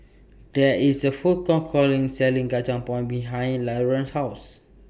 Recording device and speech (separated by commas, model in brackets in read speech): boundary microphone (BM630), read sentence